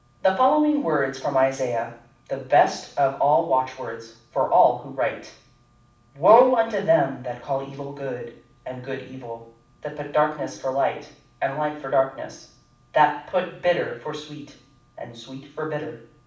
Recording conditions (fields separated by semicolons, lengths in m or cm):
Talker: one person; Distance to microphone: 5.8 m; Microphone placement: far; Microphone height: 1.8 m; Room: medium-sized (5.7 m by 4.0 m); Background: none